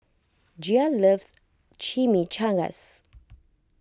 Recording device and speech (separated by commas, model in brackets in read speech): close-talking microphone (WH20), read sentence